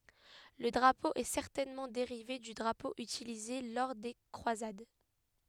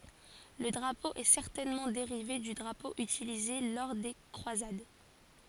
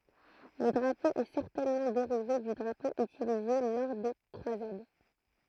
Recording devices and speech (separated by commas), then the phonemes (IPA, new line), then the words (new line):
headset microphone, forehead accelerometer, throat microphone, read sentence
lə dʁapo ɛ sɛʁtɛnmɑ̃ deʁive dy dʁapo ytilize lɔʁ de kʁwazad
Le drapeau est certainement dérivé du drapeau utilisé lors des croisades.